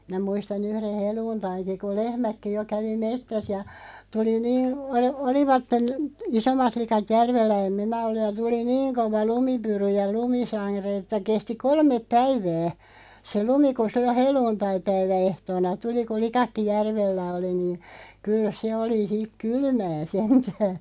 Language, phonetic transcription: Finnish, 'mⁱnä 'muista'n ‿yhren̬ "heluuntaiŋki ku "lehmäkki jo 'kävi "mettäs ja , 'tuli 'niin , o(li-) 'olivatten , "isommat 'likat 'järvellä 'em "minä 'olluʲ ja 'tuli "niiŋ 'kova "lumipyry ja "lumi'saⁱ̳§re että 'kesti "kolmep 'päivää , se 'lumi ku 'sillo "hel̀uuntai'päivä₍'ehtoona 'tuli ku 'likakki "järvellä oli niin̬ , 'kyl se oli ʰik "kylmää 'sentää .
- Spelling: minä muistan yhden helluntainkin kun lehmätkin jo kävi metsässä ja tuli niin - olivat isommat likat järvellä en minä ollut ja tuli niin kova lumipyry ja lumisade että kesti kolme päivää se lumi kun silloin helluntaipäiväehtoona tuli kun likatkin järvellä oli niin kyllä se oli sitten kylmää sentään

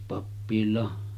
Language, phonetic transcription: Finnish, pappil̀aa .
- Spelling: pappilaan

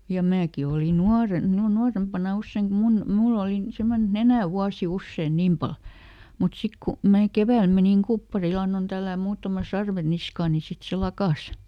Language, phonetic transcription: Finnish, ja ˈmääki oli "nuaren , nu- ˈnuarempana ˈusseiŋ kum "mun , "mull ‿olì ˈsemmonen ‿et "nenä̀ ˈwuasi ˈussèn "niim pal , mut ˈsik ku , mää "kevä̀l meniŋ "kuppariˈl ‿annon ˈtällääm muutama "sarve ˈniskaa ni ˈsit se "lakàs .
- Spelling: ja minäkin olin nuorena - nuorempana usein kun minun minulla oli semmoinen että nenä vuoti usein niin paljon mutta sitten kun minä keväällä menin kupparille annoin tällätä muutaman sarven niskaan niin sitten se lakkasi

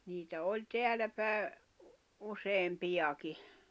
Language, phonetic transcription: Finnish, niitä 'oĺ 'teälä pääᵉ , 'useem'piʲaki .
- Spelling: niitä oli täällä päin useampiakin

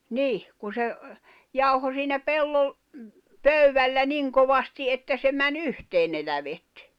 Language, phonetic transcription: Finnish, 'nìh , ku se , 'jauho siinä 'pellol- , "pöywällä "niŋ kovasti 'että se män"ⁿ ‿yhteen ne lävet .
- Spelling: niin kun se jauhoi siinä - pöydällä niin kovasti että se meni yhteen ne lävet

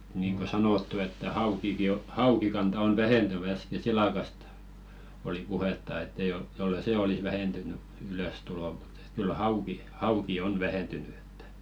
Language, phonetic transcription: Finnish, niiŋ ko 'sanòttu että 'haukiki o , "haukikanta on 'vähentyn ‿äske "silakast , oli 'puhetta ett ‿ei jol- , jollei "sè 'olis vähentyny , 'ylö̀stulo mᴜt ‿ᴇt kyl 'hauki , 'hauki "on 'vähentyny ᴇttᴀ̈ .
- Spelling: niin kuin sanottu että haukikin on haukikanta on vähentynyt äsken silakasta oli puhetta että ei - jos ei sen olisi vähentynyt ylöstulo mutta että kyllä hauki hauki on vähentynyt että

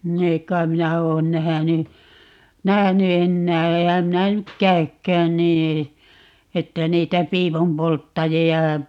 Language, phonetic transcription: Finnish, ni 'ei ‿kkaim̆ "minä 'oon 'nähäny , "nähäny 'ennää - 'eehäm 'minä 'nyk "käy̬kkään nii , 'että 'niitä "piipumpolttaji₍a ,.
- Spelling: niin ei kai minä ole nähnyt nähnyt enää enhän minä nyt käykään niin että niitä piipunpolttajia

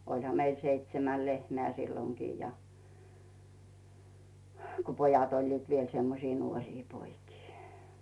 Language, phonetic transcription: Finnish, 'oĺha meil 'seitsemäl 'lehmeä̀ "silloŋkii ja , h- ko 'pojat oĺliit viel 'semmosii 'nuoŕii 'poikii .
- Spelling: olihan meillä seitsemän lehmää silloinkin ja - kun pojat olivat vielä semmoisia nuoria poikia

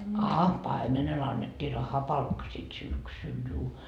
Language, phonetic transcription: Finnish, aa , "paimenel annettii 'rahapalkka sit "syksyl juu .
- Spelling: aa paimenelle annettiin rahapalkka sitten syksyllä juu

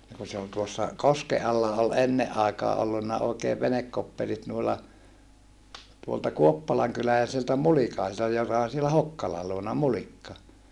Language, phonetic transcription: Finnish, ni ku se ol tuossa , koske alla ol enneʼ ʼaekaa ʼollunna oikeev venekkoppelit nuilla , tuolta kuoppalaŋkyläläisiltä mulikaisilta joka on̬ sielä Hokkala luona Mulikka .
- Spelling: niin kun se oli tuossa kosken alla oli ennen aikaan ollut oikein venekoppelit noilla tuolta kuoppalankyläläisiltä mulikaisilta joka on siellä Hokkalan luona Mulikka

